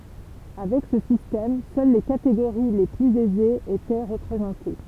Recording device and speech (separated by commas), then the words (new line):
temple vibration pickup, read sentence
Avec ce système, seules les catégories les plus aisées étaient représentées.